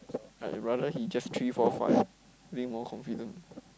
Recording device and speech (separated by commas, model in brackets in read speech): close-talking microphone, conversation in the same room